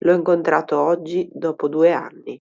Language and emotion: Italian, neutral